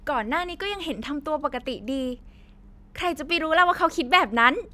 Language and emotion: Thai, happy